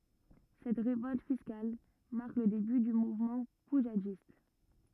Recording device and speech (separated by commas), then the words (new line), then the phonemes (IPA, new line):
rigid in-ear microphone, read sentence
Cette révolte fiscale marque le début du mouvement poujadiste.
sɛt ʁevɔlt fiskal maʁk lə deby dy muvmɑ̃ puʒadist